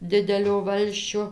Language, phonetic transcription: Lithuanian, ˈdidelio ˈvalsčio

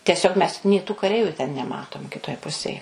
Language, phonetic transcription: Lithuanian, teˈsiog mes nė tų kaˈreiviu ten neˈmatom kiˈtoj ˈpusėj

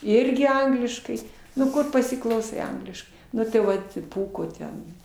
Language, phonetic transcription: Lithuanian, ˈirgi ˈangliškai nu ˈkur pasiklauˈsai ˈangliškai ˈnu tai ˈvat ˈpūko ˈten

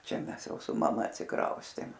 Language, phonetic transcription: Lithuanian, ˈčia ˈmes ˈjau su maˈma atsiˈkraustėm

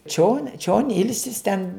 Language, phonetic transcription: Lithuanian, čion čion ˈilsis ten

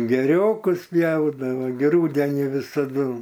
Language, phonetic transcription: Lithuanian, gėˈriokus ˈpjaudavo gi ˈrūdenį visaˈdu

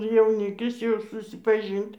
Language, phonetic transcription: Lithuanian, jauˈnikis jau susipaˈžyn't'

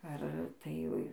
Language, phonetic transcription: Lithuanian, ar ˈtai

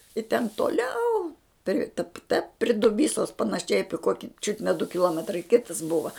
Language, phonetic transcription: Lithuanian, i ten toˈliau pri tap ta pri duˈbysos panaˈšiai ˈapi ˈkuoki čiut ne du kiˈluometrai ˈkitas ˈbuva

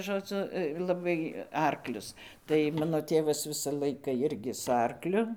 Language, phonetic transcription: Lithuanian, žoˈdzu laˈbai ˈarklius tai ˈmano ˈtėvas ˈvisa ˈlaika ˈjirgi su ˈarkliu

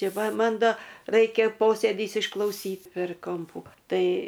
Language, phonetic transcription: Lithuanian, ˈti ˈva ˈman ˈdo ˈraikia ˈposėdys išklauˈsyt per ˈkompų ˈtai

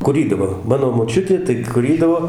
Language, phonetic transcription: Lithuanian, kuˈrydavo ˈmano moˈčiutė tai kuˈrydavo

